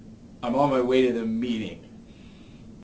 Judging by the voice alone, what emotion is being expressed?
disgusted